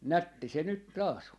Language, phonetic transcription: Finnish, "nätti se 'nyt 'taa's ‿on .
- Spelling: nätti se nyt taas on

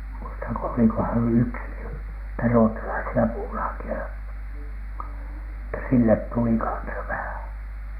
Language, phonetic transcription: Finnish, muistaŋko olikohan "yks , niitä 'ruottalaisi₍a 'puulaaki₍a , että "sillet tuli 'kansa vähä̀N .
- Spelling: muistanko olikohan yksi niitä ruotsalaisia puulaakeja että sille tuli kanssa vähän

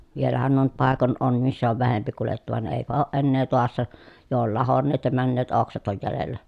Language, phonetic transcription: Finnish, vielähän nuo nyt pàekon on , missä ov vähempi kulettu van èipä ooʼ ʼennee toassa , jo ol lahonneet ja männeet oksat oj jälellä .
- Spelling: vielähän nuo nyt paikoin on missä on vähempi kuljettu vaan eipä ole enää taassa jo oli lahonneet ja menneet oksat on jäljellä

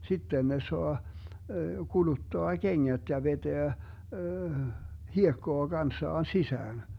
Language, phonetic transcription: Finnish, 'sitten ne 'soa , 'kuluttoa "keŋŋät ja 'veteä , 'hiekkoa 'Ganssaan 'sisään .
- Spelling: sitten ne saa kuluttaa kengät ja vetää hiekkaa kanssaan sisään

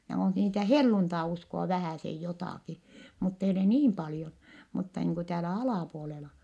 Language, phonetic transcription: Finnish, (no on) niitä helluntai₍usko₍a vähä̀sej jotàki , muttei ole niim paljon , mutta niiŋ ku täälä alàpuolela .
- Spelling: no on niitä helluntaiuskoa vähäsen jotakin mutta ei ole niin paljon mutta niin kuin täällä alapuolella

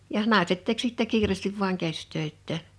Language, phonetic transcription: Finnish, jah , 'nàeset tek sittä 'kiirèstiv vuaŋ 'kästöittää .
- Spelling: ja naiset teki sitten kiireesti vain käsitöitään

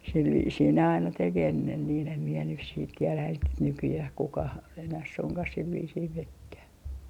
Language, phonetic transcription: Finnish, sil viisii ne aina 'tek ennen niin ‿em mie nys siit tielä et , 'nykyjäh 'kukah , enäh 'suŋkah sil viisii 'mekkää .
- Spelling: sillä viisiin ne aina teki ennen niin en minä nyt sitten tiedä että nykyään kukaan enää suinkaan sillä viisiin meneekään

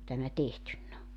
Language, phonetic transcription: Finnish, ku tämä 'tehtynn ‿o .
- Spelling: kun tämä tehty on

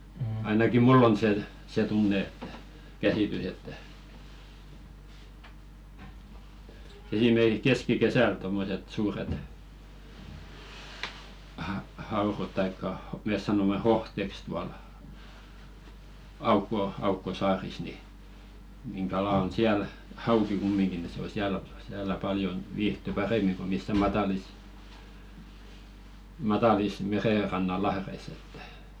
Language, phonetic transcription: Finnish, 'ainakim̆ "mull ‿on 'se , se "tunne ᴇttᴀ̈ , 'käsìtys ‿että , esimerki(ks) 'keski"kesäl tommoset 'suuret , ha-'haurot taikka 'mes sanomme "hohteks tual , 'aukko 'aukko "saaris ni , niŋ 'kala on "siäl , "hauki kummiŋɢi ni 'se o "siäl , siälä 'paljon , viihty "parèmiŋ ko missä "matalis , 'matalis 'merèranna "lahreis ‿ettᴀ̈ .
- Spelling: ainakin minulla on se se tunne että käsitys että esimerkiksi keskikesällä tuommoiset suuret haudat tai me sanomme hohteeksi tuolla aukko aukko saarissa niin niin kala on siellä hauki kumminkin niin se on siellä siellä paljon viihtyy paremmin kuin missään matalissa matalissa merenrannan lahdissa että

